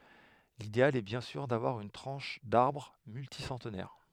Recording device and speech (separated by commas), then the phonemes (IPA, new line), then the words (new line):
headset microphone, read sentence
lideal ɛ bjɛ̃ syʁ davwaʁ yn tʁɑ̃ʃ daʁbʁ mylti sɑ̃tnɛʁ
L'idéal est bien sûr d'avoir une tranche d'arbre multi-centenaire.